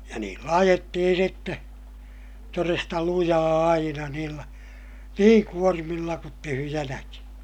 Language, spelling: Finnish, ja niillä ajettiin sitten todesta lujaa aina niillä niin kuormilla kuin tyhjänäkin
- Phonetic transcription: ja niillä ajettihin sitte , toresta lujaa aina niillä , niiŋ kuormilla kut tyhyjänäki .

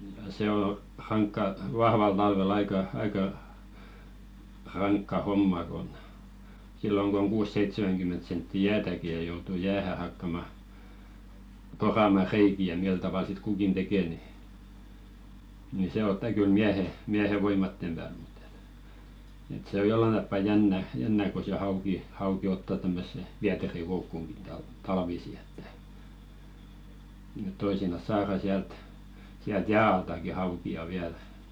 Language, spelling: Finnish, ja se on rankka vahvalla talvella aika aika rankka homma kun silloin kun on kuusi-seitsemänkymmentä senttiä jäätäkin ja joutuu jäähän hakkamaan poramaan reikiä ja millä tavalla sitten kukin tekee niin niin se ottaa kyllä miehen miehen voimien pälle mutta että että se on jollakin tapaa jännä jännä kun se hauki hauki ottaa tämmöiseen vieterikoukkuunkin - talvisin että että toisinaan saadaan sieltä sieltä jään altakin haukia vielä
- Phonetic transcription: ja se ‿o 'raŋkka , "vahval talvel aika , 'aika , raŋkka 'homma kon , 'silloŋ k ‿oŋ 'kuusseitsemäŋɢymment sentti "jäätäki ja joutu 'jäähä hakkama , "porama 'reiki ja 'mil taval sit 'kukin "tekè ni , ni se "otta kyl 'miähe , 'miähe voimattem ʙä̀l ᴍᴜt ‿ᴇt , et se o 'jollan tappa "jännä , 'jännä ko se 'hauki , 'hauki "otta tämmösse , 'viäterikoukkuŋɢi tal- talvisi ᴇttᴀ̈ , ᵉᵗ 'toisinas "saara siält , siält "jää altaki hauki₍a 'viäl .

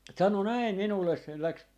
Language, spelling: Finnish, sanoi näin minulle se lähti
- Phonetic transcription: 'sano "näi "minulles se läks ,.

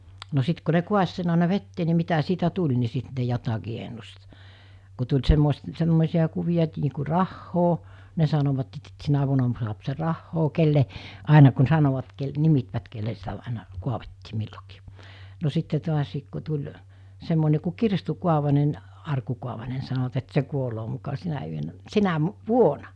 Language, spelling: Finnish, no sitten kun ne kaatoi sen aina veteen niin mitä siitä tuli niin sitten ne jotakin ennusti kun tuli - semmoisia kuvia että niin kuin rahaa ne sanoivat että sitten sinä vuonna saa se rahaa kenelle aina kun sanoivat - nimittivät kenelle sitä aina kaadettiin milloinkin no sitten taas kun tuli semmoinen kuin kirstun kaavainen arkun kaavainen niin sanovat että se kuolee muka sinä yönä sinä vuonna
- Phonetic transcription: no 'sit ku ne "kuas sen àena "vettee ni mitä siitä 'tuĺ ni 'sit ne jotakii ennust , ku tuĺ semmois- , 'semmòesi₍a kuviʲa et nii ku "rahhoo , ne sanovat et sit 'sinä vuona suap 'se 'rahhoo kelle , 'àena kun 'sanovat kel- , 'nimitvät kelle sitä àena , 'kuavettii , 'millokii , no 'sitte to̭asiik ku tuĺ , 'semmone ku "kirstu kuavanen , 'arku kuavane nɪ sanovat et 'se kuoloo muka 'sinä yönä , 'sinä , "vuona .

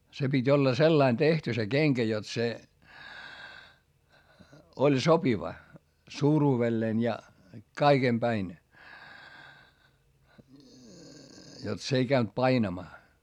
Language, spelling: Finnish, se piti olla sellainen tehty se kenkä jotta se oli sopiva suuruudelleen ja kaiken päin jotta se ei käynyt painamaan
- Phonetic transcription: se pit́ ‿olla sellain tehty se keŋkä jot se , oĺ sopiva , suuruuvelleen ja , kaiGem päin , jot s ‿ei käynt painamaa .

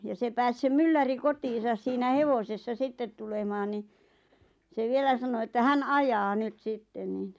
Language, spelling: Finnish, ja se pääsi se mylläri kotiinsa siinä hevosessa sitten tulemaan niin se vielä sanoi että hän ajaa nyt sitten niin
- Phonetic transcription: ja se 'pääs se 'mylläri "kotiisas 'siinä "hevosessa 'sittet tulemaan ni , se 'vielä sano että 'hän "ajaa 'nyt 'sitten nìn ,.

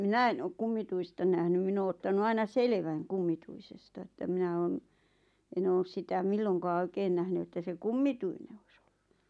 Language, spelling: Finnish, minä en ole kummituista nähnyt minä ole ottanut aina selvän kummituisesta että minä olen en ole sitä milloinkaan oikein nähnyt että se kummituinen olisi ollut
- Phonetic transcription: minä en ‿ok 'kummituista nähnym 'min ‿oo ottanu 'aina "selᵉväŋ "kummituisesta ᵉttä 'minä oon , 'en ‿oos sitä 'milloŋkaa "oikeen nähny että se "kummituine ois ‿ᴏʟʟᴜ .

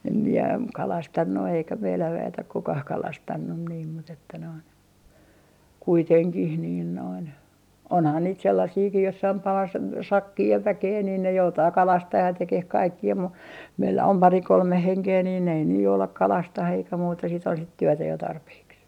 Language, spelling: Finnish, en minä kalastanut eikä meillä väet ole kukaan kalastanut niin mutta että noin onhan niitä sellaisiakin jossakin - sakki ja väkeä niin ne joutaa kalastamaan ja tekemään kaikkia mutta meillä on pari kolme henkeä niin ei ne jouda kalastamaan eikä muuta sitten on sitten työtä jo tarpeeksi
- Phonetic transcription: em mie "kalastannu eikä 'meiläv 'vä₍et ok "kukah 'kalastannun niim mut ‿että noin , 'onhan niit 'sellasiikih jossaim (palas) , "sakkii ja 'väkee niin ne 'joutaa "kalastah ja 'tekeh "kaikki₍a mu , meillä om 'pari "kolme 'heŋkee niin ei ne 'joulak 'kalastah eikä muuta sit ‿on sit "työtä jo 'tarpeeks .

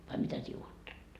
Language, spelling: Finnish, vai mitä sinä ajattelet
- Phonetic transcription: vai 'mitä sie 'uottelet ?

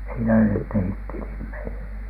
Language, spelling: Finnish, siinä ne tehtiin tilit meille
- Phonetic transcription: siinä net tehit "tilim 'meile .

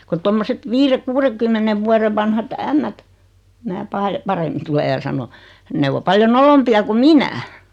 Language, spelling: Finnish, kun tuommoiset viiden kuudenkymmenen vuoden vanhat ämmät minä - paremmin tule ja sano ne on paljon nolompia kuin minä
- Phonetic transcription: ku 'tommoset , 'viire- 'kuureᵑkymmenev 'vuarev vanhat "ämmät , mää paa- , 'paremmin tule ja 'sano , 'ne yo 'paljo "nolompi₍a ku "minä .

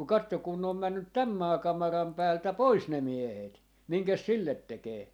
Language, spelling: Finnish, mutta katso kun ne on mennyt tämän maakamaran päältä pois ne miehet minkäs sille tekee
- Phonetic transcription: muk 'kattok kun ne om 'männyt "täm 'maakamaram päältä "pois ne 'miehet , 'miŋkäs "sillet 'tekee .

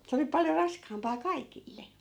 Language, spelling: Finnish, se oli paljon raskaampaa kaikille
- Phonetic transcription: se oli 'paljo 'raskaampaa "kaikille .

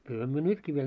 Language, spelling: Finnish, kyllähän me nytkin vielä
- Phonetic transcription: kylhä myö 'nytkii viel .

